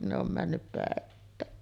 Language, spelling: Finnish, ne on mennyt päittäin
- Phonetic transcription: ne ‿om 'männyp pä̀että̀en .

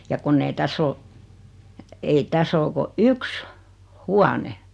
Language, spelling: Finnish, ja kun ei tässä ole ei tässä ole kuin yksi huone
- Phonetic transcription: ja 'kunn ‿ei 'täss ‿o , ei 'täs ‿oo ko "yks , "huane .

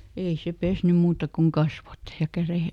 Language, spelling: Finnish, ei se pessyt muuta kuin kasvot ja kädet
- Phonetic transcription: ˈei se ˈpesnym ˈmuuta koŋ "kasvot , ja ˈkärè- ,.

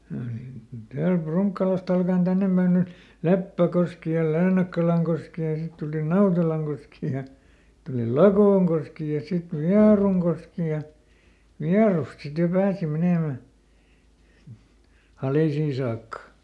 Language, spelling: Finnish, kyllä niitä täältä Prunkkalasta alkaen tänne päin niin oli Leppäkoski ja Leenakkalankoski ja sitten tuli Nautelankoski ja sitten tuli Lakoonkoski ja sitten Vierunkoski ja Vierusta sitten jo pääsi menemään Halisiin saakka
- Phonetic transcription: (kyl niit) ˈtäälp ˈPruŋkkalast ‿alka₍en ˈtännem Bäin nⁱ ol , "Leppäˈkoski ja ˈLeenakkalaŋkoski ja ˈsit tuli "Nautelaŋkoski ja , (sit) tuli "Lakooŋkoski ja sit "Viaruŋkoski ja , ˈViarust sit jo ˈpääsi ˈmenèmä , ˈHalìsii saakka .

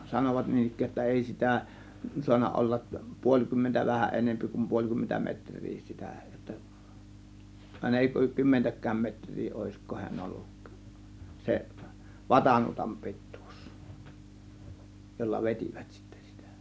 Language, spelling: Finnish, sanovat niin ikään jotta ei sitä saanut olla puoli kymmentä vähän enempi kuin puoli kymmentä metriä sitä jotta aina ei kymmentäkään metriä olisiko hän ollut se vatanuotan pituus jolla vetivät sitten sitä
- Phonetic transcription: 'sanovat 'niin ‿ik̆kääj jotta "èi si̬tä , 'suanna ollaˀ , 'puoĺ 'kymmentä , 'vähäˀ ˀenempi kum 'puoĺ kymmentä metr̆rii 'sitä jotta , àėna èi 'kymmentäk̆kääm "metŕ̆rii òėsko hiän 'olluk , 'se , "vatanuotam 'pi̬ttUUs , jolla "vet͕ìvÄt sIttÄ sItÄ .

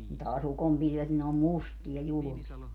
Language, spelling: Finnish, taas ukonpilvet niin ne on mustia julmia
- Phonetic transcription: taa's ‿ukompilvet ni ne om "mustia 'julᵘmia .

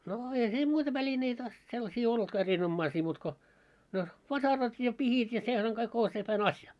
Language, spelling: Finnish, no eihän siinä muita välineitä sellaisia ollutkaan erinomaisia muuta kuin no vasarat ja pihdit ja sehän kaikki on sepän asia
- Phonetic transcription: no eihä siim 'muita 'välineitä , sellasii 'ollᵘtka 'erin"ommaisii muut ko , no , 'vasarat ja 'pihit ja 'sehäŋ kaik 'o sepän "asja .

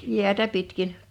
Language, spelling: Finnish, jäätä pitkin
- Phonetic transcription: 'jiätä pitkin .

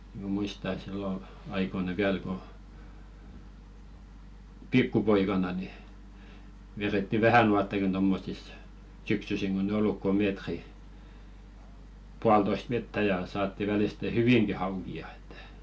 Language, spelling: Finnish, minä muistan että silloin aikoina vielä kun pikkupoikana niin vedettiin vähänuottakin tuommoisissa syksysin kun ei ollut kuin metri puolitoista vettä ja saatiin välisten hyvinkin haukia että
- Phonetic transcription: ᵐᵃ̈ 'muista ĕt sillo , 'aikoina "viäl ko , "pikkupoikana ni , veretti "vähänuattakin tommosis , 'syksysiŋ ɢon ‿ĕ 'olluk ko "meetri , 'pualtoist vettä ja saatti 'väliste "hyviŋki 'hauki₍a ᴇttᴀ̈ .

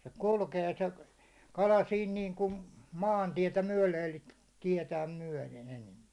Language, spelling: Finnish, se kulkee se kala siinä niin kuin maantietä myöden eli tietään myöden enempi
- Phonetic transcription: se 'kulkee se , 'kala siin 'niiŋkun , "maantietä 'myäₒle elikᴀ̈ 'tiɛtääm 'myäₒlen enempɪ .

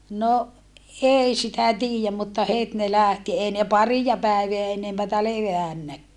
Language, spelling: Finnish, no ei sitä tiedä mutta heti ne lähti ei ne paria päivää enempää levänneetkään
- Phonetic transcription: no , ʼei sitä tiijäm mutta het ne lä̀hti ei ne parija pä̀eveä enempätä levä̀nnäkkää .

